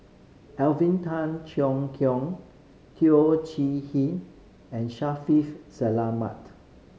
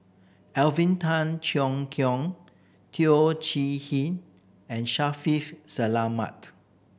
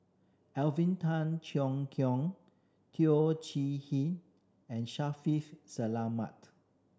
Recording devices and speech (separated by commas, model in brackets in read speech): mobile phone (Samsung C5010), boundary microphone (BM630), standing microphone (AKG C214), read sentence